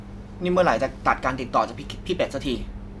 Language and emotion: Thai, angry